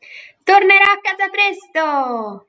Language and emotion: Italian, happy